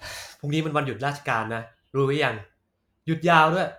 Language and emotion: Thai, frustrated